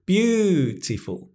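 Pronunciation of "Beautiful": In 'beautiful', the pitch goes up a little on the stressed syllable.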